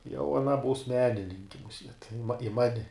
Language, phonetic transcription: Lithuanian, jau aˈna būs ˈmenininki muˈsiet i ma i ˈmani

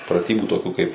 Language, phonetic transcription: Lithuanian, praˈtybų toˈkių kaip

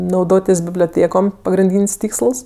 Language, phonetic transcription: Lithuanian, nauˈdotis biblioˈtėkom pagrinˈdyn's' ˈtyksəls

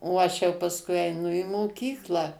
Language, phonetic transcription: Lithuanian, o ˈaš jau pasˈkui eiˈnu į moˈkyklą

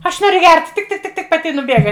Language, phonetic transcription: Lithuanian, ˈaš ˈnoriu gert tik tik tik ˈtik paˈti i nuˈbėga

